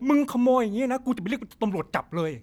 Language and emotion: Thai, angry